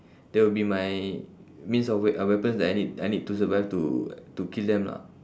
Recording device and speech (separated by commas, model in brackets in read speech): standing microphone, conversation in separate rooms